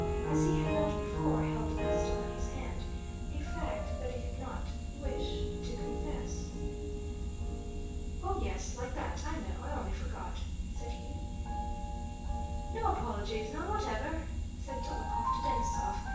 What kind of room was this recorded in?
A big room.